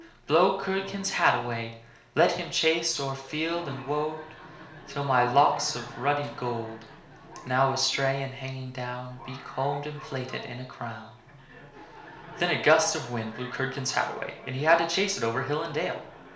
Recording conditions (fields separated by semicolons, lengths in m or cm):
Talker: one person; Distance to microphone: 1.0 m; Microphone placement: close; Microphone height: 1.1 m; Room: small (3.7 m by 2.7 m); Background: television